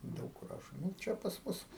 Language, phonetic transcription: Lithuanian, ˈdaug kur ˈrašo ˈnu ˈčia pas ˈmus

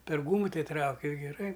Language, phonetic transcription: Lithuanian, per ˈgūmu ˈtei ˈtrauki ir geˈrai

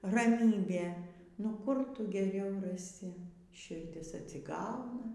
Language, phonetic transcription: Lithuanian, raˈmybė nu ˈkur ˈtu geˈriau raˈsi širˈdis atsiˈgauna

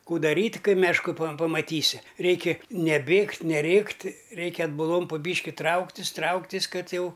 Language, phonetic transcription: Lithuanian, ˈkų daˈryt' ˈkai mešˈku pam pamaˈtysi ˈreiki neˈbėgt' neˈrėkt' ˈreikia atbuˈlom pu ˈbyški ˈtrauktis' ˈtrauktis' ˈkad ˈjau

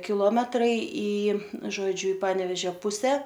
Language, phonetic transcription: Lithuanian, kiˈlometrai į žoˈdžiu i ˈpanevežio ˈpuse

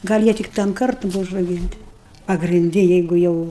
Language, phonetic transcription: Lithuanian, gal' ˈjie tik tam ˈkartu ˈbuva užrauˈgynti pagrinˈdi ˈjeigu ˈjau

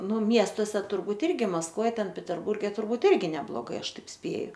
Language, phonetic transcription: Lithuanian, ˈnu ˈmiestose turˈbūt ˈirgi maskˈvoj ˈten peterˈburge turˈbūt ˈirgi nebloˈgai ˈaš ˈtaip ˈspėju

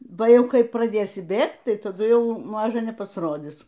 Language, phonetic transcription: Lithuanian, ˈba ˈjau ˈkai praˈdėsi ˈbėgt ˈtai taˈdu ˈjau ˈmaža nepasˈrodis

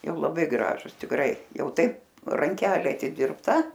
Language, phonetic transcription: Lithuanian, ˈjau laˈbai ˈgražus tikˈrai ˈjau ˈtaip ranˈkelė atidirbˈta

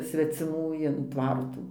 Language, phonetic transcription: Lithuanian, sveciˈmų in ˈtvartų

